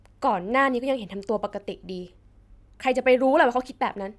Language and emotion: Thai, frustrated